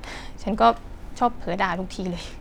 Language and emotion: Thai, neutral